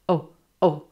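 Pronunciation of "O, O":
The letter 'O' is said really short and choppy here, which is the incorrect way to say it.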